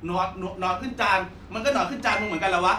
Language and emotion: Thai, angry